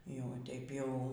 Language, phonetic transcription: Lithuanian, ˈjau ˈteip ˈjau

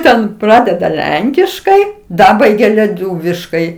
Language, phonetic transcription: Lithuanian, ˈten ˈpradeda ˈlenkiškai ˈdabaigia leˈtūviškai

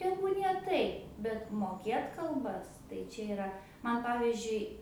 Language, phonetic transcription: Lithuanian, ˈtebūnie ˈtaip bet moˈkėt kalˈbas tai ˈčia iˈra man ˈpavizdžiui

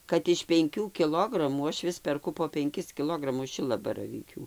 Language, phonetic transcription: Lithuanian, kad iš penˈkių kiˈlogramų ˈaš ˈvis perˈku po penˈkis kiˈlogramus ˈšilabaravykių

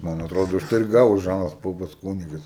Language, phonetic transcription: Lithuanian, ˈman atˈrodo užˈtai ir ˈgavo ˈžanas ˈpopas ˈkūnigas

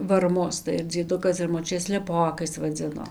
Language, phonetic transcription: Lithuanian, varˈmus tai ar dzieˈdukas ar moˈčiutė sleˈpokais vaˈdzino

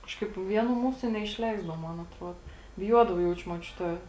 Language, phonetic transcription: Lithuanian, ˈkažkaip ˈvieˌnų ˈmūsu neišˈleisdavo ˈmon atˈruodo biˈjuodava ˈjaučiu muoˈčiute

